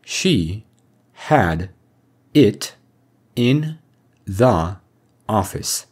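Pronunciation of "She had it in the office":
'She had it in the office' is said in an extremely direct way, not the way it would be heard in connected speech.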